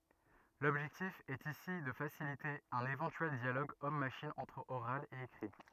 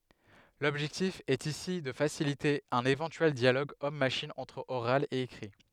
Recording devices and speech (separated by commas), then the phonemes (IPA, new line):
rigid in-ear microphone, headset microphone, read sentence
lɔbʒɛktif ɛt isi də fasilite œ̃n evɑ̃tyɛl djaloɡ ɔm maʃin ɑ̃tʁ oʁal e ekʁi